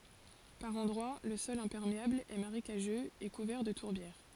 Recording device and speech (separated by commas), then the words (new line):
forehead accelerometer, read sentence
Par endroits le sol imperméable est marécageux et couvert de tourbières.